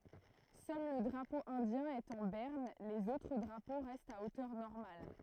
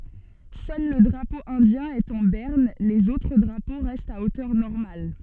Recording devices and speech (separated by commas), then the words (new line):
throat microphone, soft in-ear microphone, read sentence
Seul le drapeau indien est en berne, les autres drapeaux restent à hauteur normale.